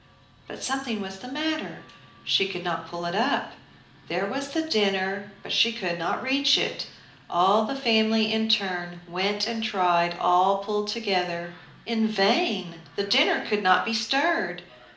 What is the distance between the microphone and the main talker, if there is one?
2.0 m.